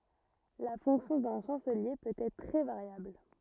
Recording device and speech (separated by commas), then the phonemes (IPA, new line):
rigid in-ear microphone, read sentence
la fɔ̃ksjɔ̃ dœ̃ ʃɑ̃səlje pøt ɛtʁ tʁɛ vaʁjabl